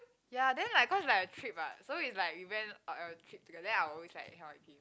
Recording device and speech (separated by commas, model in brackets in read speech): close-talking microphone, conversation in the same room